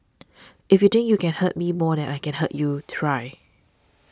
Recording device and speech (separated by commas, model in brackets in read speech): standing microphone (AKG C214), read sentence